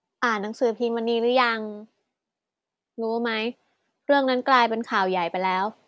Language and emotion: Thai, neutral